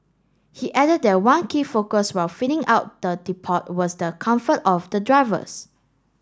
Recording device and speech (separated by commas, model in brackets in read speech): standing microphone (AKG C214), read sentence